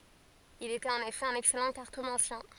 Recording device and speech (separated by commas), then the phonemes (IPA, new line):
forehead accelerometer, read sentence
il etɛt ɑ̃n efɛ œ̃n ɛksɛlɑ̃ kaʁtomɑ̃sjɛ̃